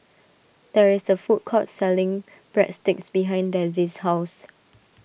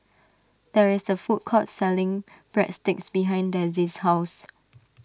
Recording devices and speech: boundary microphone (BM630), standing microphone (AKG C214), read sentence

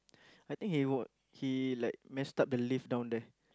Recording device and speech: close-talking microphone, conversation in the same room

